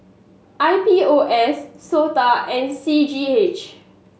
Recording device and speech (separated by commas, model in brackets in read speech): mobile phone (Samsung S8), read sentence